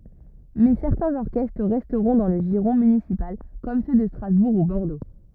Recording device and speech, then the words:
rigid in-ear microphone, read sentence
Mais certains orchestres resteront dans le giron municipal comme ceux de Strasbourg ou Bordeaux.

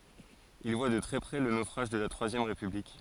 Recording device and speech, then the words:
forehead accelerometer, read sentence
Il voit de très près le naufrage de la Troisième République.

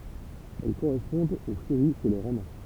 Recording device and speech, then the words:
temple vibration pickup, read sentence
Elles correspondent aux Furies chez les Romains.

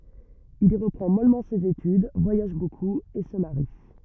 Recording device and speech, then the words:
rigid in-ear microphone, read sentence
Il y reprend mollement ses études, voyage beaucoup et se marie.

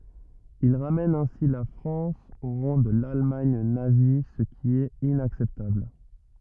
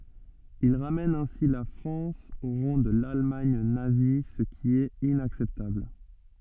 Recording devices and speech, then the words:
rigid in-ear microphone, soft in-ear microphone, read sentence
Il ramène ainsi la France au rang de l’Allemagne nazie ce qui est inacceptable.

